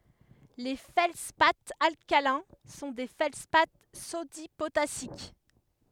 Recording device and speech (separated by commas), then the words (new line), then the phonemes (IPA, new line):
headset microphone, read sentence
Les feldspaths alcalins sont des feldspaths sodi-potassiques.
le fɛldspaz alkalɛ̃ sɔ̃ de fɛldspa sodi potasik